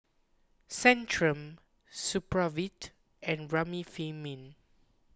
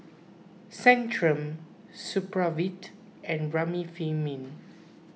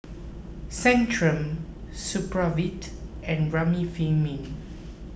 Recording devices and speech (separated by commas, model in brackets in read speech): close-talking microphone (WH20), mobile phone (iPhone 6), boundary microphone (BM630), read sentence